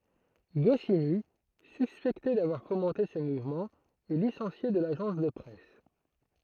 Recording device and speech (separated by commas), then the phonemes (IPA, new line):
throat microphone, read sentence
ɡɔsini syspɛkte davwaʁ fomɑ̃te sə muvmɑ̃ ɛ lisɑ̃sje də laʒɑ̃s də pʁɛs